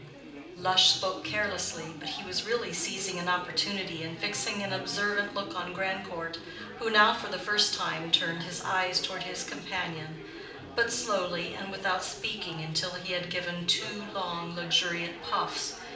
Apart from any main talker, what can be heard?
Crowd babble.